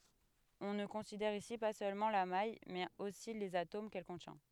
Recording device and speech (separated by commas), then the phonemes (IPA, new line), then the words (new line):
headset microphone, read sentence
ɔ̃ nə kɔ̃sidɛʁ isi pa sølmɑ̃ la maj mɛz osi lez atom kɛl kɔ̃tjɛ̃
On ne considère ici pas seulement la maille mais aussi les atomes qu'elle contient.